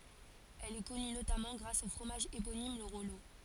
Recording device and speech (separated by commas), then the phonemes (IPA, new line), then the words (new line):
forehead accelerometer, read sentence
ɛl ɛ kɔny notamɑ̃ ɡʁas o fʁomaʒ eponim lə ʁɔlo
Elle est connue notamment grâce au fromage éponyme, le Rollot.